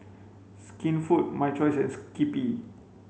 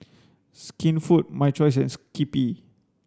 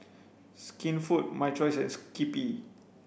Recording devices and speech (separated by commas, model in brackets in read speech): mobile phone (Samsung C5), standing microphone (AKG C214), boundary microphone (BM630), read sentence